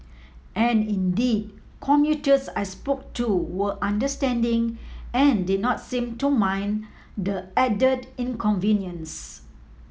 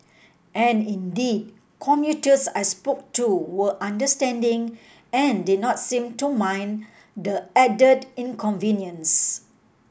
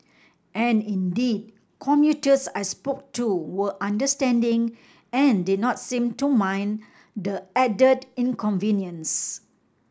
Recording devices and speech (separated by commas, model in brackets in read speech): mobile phone (iPhone 7), boundary microphone (BM630), standing microphone (AKG C214), read sentence